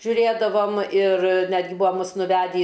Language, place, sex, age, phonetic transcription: Lithuanian, Aukštaitija, female, 60+, žiuˈrėdavom ir ˈnetgi ˈbua ˈmus nuˈvedį

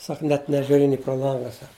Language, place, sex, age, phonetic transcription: Lithuanian, Žemaitija, male, 60+, ˈsak net nežiuˈri ni pro ˈlanga ˈsak

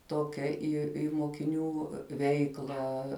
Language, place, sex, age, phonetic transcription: Lithuanian, Žemaitija, female, 18-60, ˈtokia ˈį i mokiˈnių ˈveiklą

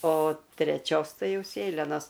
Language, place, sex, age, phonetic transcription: Lithuanian, Aukštaitija, female, 60+, o treˈčios ˈtai ˈjau ˈsėlenos

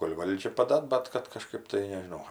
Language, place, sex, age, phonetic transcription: Lithuanian, Aukštaitija, female, 60+, kol' ˈvaldžia paˈda ˈbat kad kaˈžkɜp tai nežiˈnau

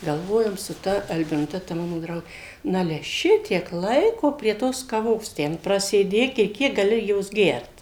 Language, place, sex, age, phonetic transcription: Lithuanian, Suvalkija, female, 60+, galˈvojom su ˈta albinuˈte ta ˈmano ˈdraugė ˈnale ˈšitiek ˈlaiko prie ˈtos kaˈvos ˈten prasėˈdėk i ˈkiek gaˈli ˈjos ˈgert

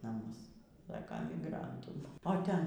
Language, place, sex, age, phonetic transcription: Lithuanian, Aukštaitija, female, 60+, naˈmus ˈsaka miˈgrantų o ˈten

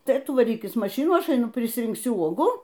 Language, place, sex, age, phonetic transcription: Lithuanian, Aukštaitija, female, 60+, ˈtai ˈtu vaˈrykis maˈšinų ˈaš aiˈnu prisrinkˈsiu ˈuogų

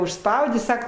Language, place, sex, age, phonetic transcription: Lithuanian, Aukštaitija, female, 60+, užˈspaudė ˈsaka

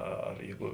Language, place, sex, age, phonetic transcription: Lithuanian, Žemaitija, male, 60+, ˈa ar ˈjeigu

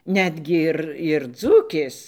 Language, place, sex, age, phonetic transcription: Lithuanian, Dzūkija, female, 60+, ˈnetgi ˈir ir ˈdzūkės

